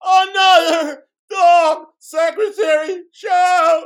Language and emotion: English, fearful